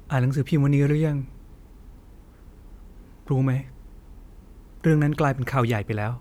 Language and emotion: Thai, sad